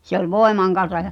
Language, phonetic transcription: Finnish, se ‿ol 'voemaŋ kansa ᴶᴬ ,.
- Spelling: se oli voiman kanssa ja

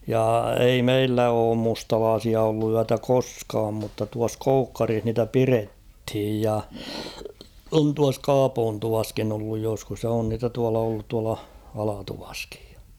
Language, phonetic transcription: Finnish, ja ei "meillä oom 'mustalaasia ollu 'yätä "koskaam mutta tuas "Koukkarih niitä "pirethij ja , on tuas "Kaapoon'tuvaskin ‿olluj joskus ja on niitä 'tuala ollut tuala , 'Alatuvaskɪᴊ ᴊᴀ .
- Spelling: ja ei meillä ole mustalaisia ollut yötä koskaan mutta tuossa Koukkarissa niitä pidettiin ja on tuossa Kaapoontuvassakin ollut joskus ja on niitä tuolla ollut tuolla Alatuvassakin ja

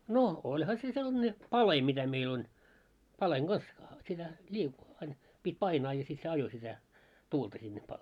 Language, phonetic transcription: Finnish, no , 'oĺha se sellᵃne "pale 'mitä meil ‿on , 'paleŋ 'ɢas , sitä ĺii- , ain , pit́ 'painaa ja sit se 'ajo sitä , "tuulta sinne pa- ,.
- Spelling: no olihan se sellainen palje mitä meillä on palkeen kanssa sitä - aina piti painaa ja sitten se ajoi sitä tuulta sinne -

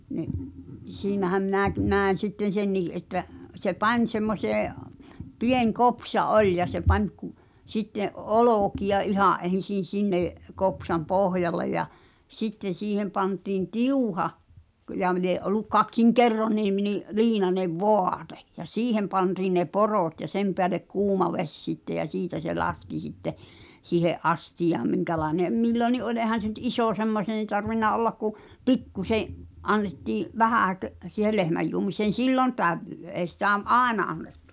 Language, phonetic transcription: Finnish, ni’ , 'siinähäm 'minä̀ki "nä̀en̬ 'sitten "sennii ’että , se "pań semmosee , 'pieŋ̳ 'kopsa "’oĺ ja se pań ku , sitte’ , "’olòki₍a 'ihà’ ’en̬sin̬ 'sinnè’ , 'kopsam "pohjale ja , 'sitten̬ 'siihem pantiin "tiuha , k- ja m- lie’ ’ol̆luk "kaksiŋ "kerroniim̳ ni’ , 'liinanev "vò̳à̳te , ja "siihem pantiiⁿ ne "poròt ja 'sem peälek 'kuuma "veś sitte jä "siitä se 'laski sitte , 'siihe’ "’astijaam miŋkälaene’ , 'milloni ’oĺ ’eehän̬ se nʸt "isò 'semmoseen̬ tarvinna ollak ku , "pikkuse’ , '’annettii’ , 'vähä̀kö’ , si̳hel 'lehmäjjuomiseen̬ "siilon 'tällö , ’èi̬ sitä v- , "’àena annettᴜ .
- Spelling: niin siinähän minäkin näin sitten senkin että se pani semmoiseen pieni kopsa oli ja se pani kun sitten olkia ihan ensin sinne kopsan pohjalle ja sitten siihen pantiin tiuha - ja - lie ollut kaksin kerroin niin liinainen vaate ja siihen pantiin ne porot ja sen päälle kuuma vesi sitten ja siitä se laski sitten siihen astiaan minkälainen milloinkin oli eihän se nyt iso semmoiseen tarvinnut olla kun pikkuisen annettiin vähänkö siihen lehmäjuomiseen silloin tällöin ei sitä - aina annettu

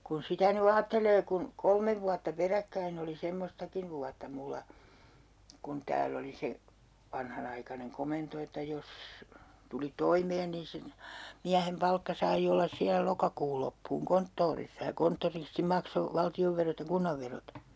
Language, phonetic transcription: Finnish, kun "sitä ny 'aattelee kun , 'kolmev vuatta 'peräkkäin ‿oli semmostakiv 'vuatta mulla , kun "tääl ‿oli se , 'vanhanaikaneŋ 'komento että 'jos , tuli "toimeen nin si- , 'miähem 'palkka sai ollas 'siä 'lokakuul loppuuŋ "konttoorissa ja 'konttoristi 'makso , 'valti₍ovverot ja 'kunnavverot .
- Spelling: kun sitä nyt ajattelee kun kolme vuotta peräkkäin oli semmoistakin vuotta minulla kun täällä oli se vanhanaikainen komento että jos tuli toimeen niin - miehen palkka sai olla siellä lokakuun loppuun konttorissa ja konttoristi maksoi valtionverot ja kunnanverot

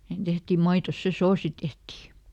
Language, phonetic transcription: Finnish, (si)hen ˈtehtim maitos se "soosi ˈtehtì .
- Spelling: siihen tehtiin maitoon se soosi tehtiin

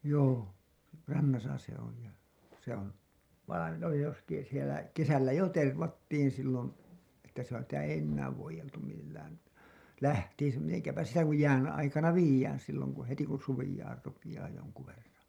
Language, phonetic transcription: Finnish, 'joo , 'rannasa se ‿oli ja , se ‿on , vainen ‿oli justiin sielä , 'kesällä jo 'tervattiin sillon , että sitä ei 'ennääv voijeltum millään , 'lähtiisä , miteŋkäpä sitä kuj jään aikana 'viijään silloŋ ku , heti kun suvijaar rupijaa joŋku verraa̰ .
- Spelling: joo rannassa se oli ja se on vainen oli justiin siellä kesällä jo tervattiin silloin että sitä ei enää voideltu millään lähtiessä miten sitä kun jään aikana viedään silloin kun heti kun suveamaan rupeaa jonkun verran

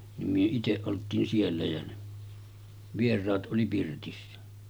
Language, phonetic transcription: Finnish, nim myö 'iteˀ 'ˀolt̆tiin 'siellä ja ne , 'vier̆raat ’oli pirtissä .
- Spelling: niin me itse oltiin siellä ja ne vieraat oli pirtissä

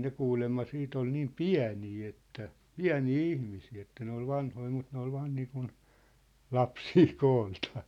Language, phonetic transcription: Finnish, ne 'kuulemma 'siit ‿ol 'niim "piä̭nii että , "piä̭nii "ihmisii että ne ‿ol 'vanhoi mut ne ‿ol 'vaan niikun , "lapsii 'kooltᴀᴀ .
- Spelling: ne kuulemma sitten oli niin pieniä että pieniä ihmisiä että ne oli vanhoja mutta ne oli vain niin kuin lapsia kooltaan

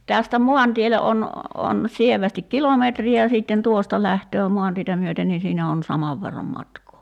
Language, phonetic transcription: Finnish, 'tästä 'mo̭antiele 'on , 'on , 'sievästik "kilometri ja siitten 'tuosta 'lähtöö 'mu̬antietä myöten nin̬ 'siinä on , 'samav verram 'matkoo .
- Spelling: tästä maantielle on on sievästi kilometri ja sitten tuosta lähtee maantietä myöten niin siinä on saman verran matkaa

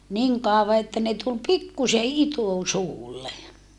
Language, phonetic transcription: Finnish, niŋ kàova että ne tul pikkuse itusuulle .
- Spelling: niin kauan että ne tuli pikkuisen itusuulle

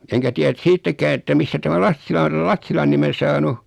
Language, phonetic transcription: Finnish, 'eŋkä tiä (et) 'siittäkää että 'mistä tämä "Lassila o (täi) "Lassilan nime 'saanu .
- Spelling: enkä tiedä et siitäkään että mistä tämä Lassila on tämän Lassilan nimen saanut

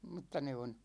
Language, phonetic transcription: Finnish, m̥tta 'ne on̬ ,.
- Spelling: mutta ne on

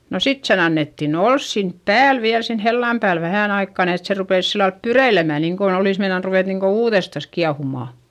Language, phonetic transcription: Finnish, no sit sen ‿annettin ‿ols sinp pääl viäl sen hellam pääl vähä̀n ‿aikka ni et se rupès sillalp pyreilemä niiŋkon ‿olìs meinan ruvèt niŋko uuδestas kiahumà .
- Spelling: no sitten sen annettiin olla siinä päällä vielä sen hellan päällä vähän aikaa niin että se rupesi sillä lailla pyreilemään niin kuin olisi meinannut ruveta niin kuin uudestaan kiehumaan

